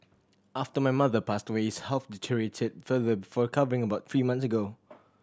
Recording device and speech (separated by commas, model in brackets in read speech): standing microphone (AKG C214), read sentence